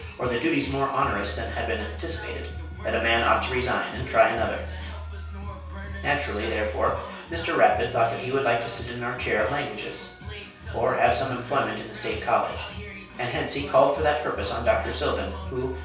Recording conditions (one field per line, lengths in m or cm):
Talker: one person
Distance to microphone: 3.0 m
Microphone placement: far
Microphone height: 1.8 m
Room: small (3.7 m by 2.7 m)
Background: music